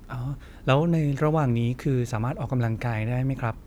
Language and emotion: Thai, neutral